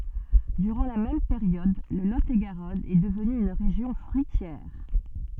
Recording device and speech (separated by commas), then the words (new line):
soft in-ear microphone, read sentence
Durant la même période, le Lot-et-Garonne est devenu une région fruitière.